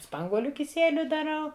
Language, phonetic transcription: Lithuanian, ˈspanguoliu kiˈsieliu daˈrau

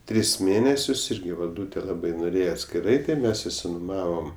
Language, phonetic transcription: Lithuanian, ˈtris ˈmėnesius ˈirgi valˈdūte ˈlabai noˈrėje atskiˈrai tai ˈmes isinuˈmavom

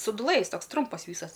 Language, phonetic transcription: Lithuanian, suduˈlɘ jis ˈtoks ˈtrumpas ˈvysas

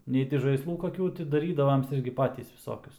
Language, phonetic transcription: Lithuanian, ˈnei ti žaisˈlų koˈkių ti daˈrydavoms ˈirgi ˈpatys viˈsokius

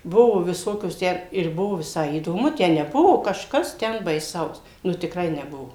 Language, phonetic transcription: Lithuanian, ˈbuvo viˈsokios ˈtę ir ˈbuvo viˈsai įdoˈmu ˈtę neˈbuvo kažˈkas ˈten baiˈsaus nu tikˈrai neˈbuvo

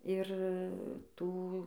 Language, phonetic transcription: Lithuanian, ir ˈtų

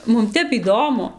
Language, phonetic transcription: Lithuanian, ˈmum ˈtep įˈdomu

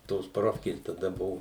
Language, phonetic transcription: Lithuanian, tos ˈprofkės taˈda ˈbuvu

